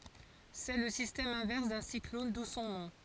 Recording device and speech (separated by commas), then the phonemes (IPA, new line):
forehead accelerometer, read sentence
sɛ lə sistɛm ɛ̃vɛʁs dœ̃ siklɔn du sɔ̃ nɔ̃